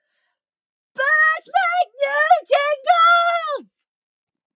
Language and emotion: English, disgusted